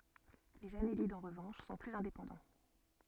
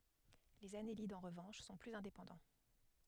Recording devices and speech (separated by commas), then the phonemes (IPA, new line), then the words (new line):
soft in-ear microphone, headset microphone, read sentence
lez anelidz ɑ̃ ʁəvɑ̃ʃ sɔ̃ plyz ɛ̃depɑ̃dɑ̃
Les annélides en revanche, sont plus indépendants.